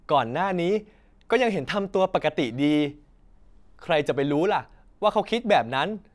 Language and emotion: Thai, neutral